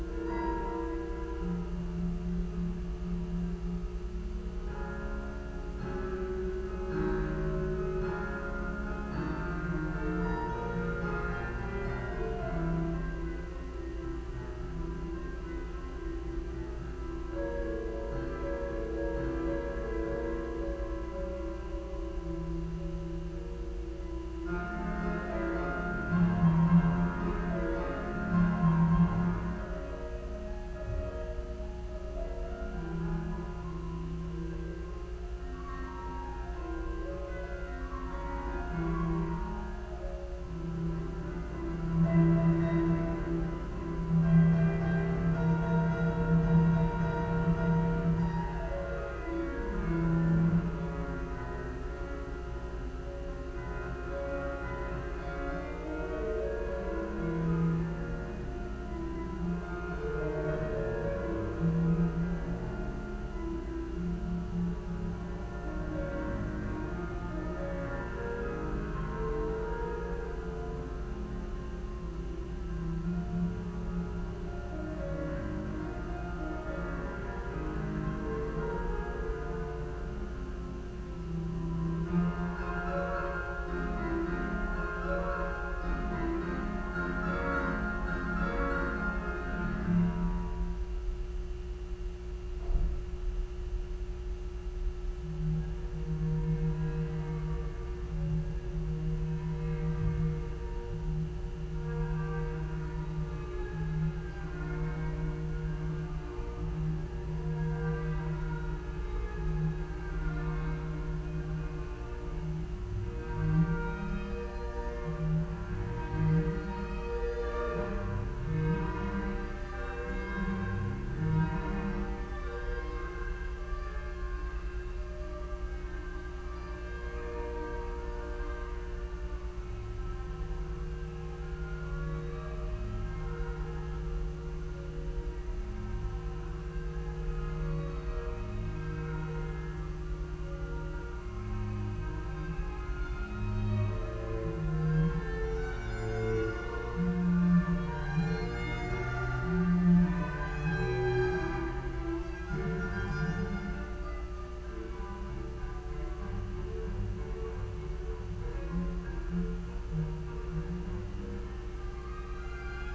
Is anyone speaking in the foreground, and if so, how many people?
No one.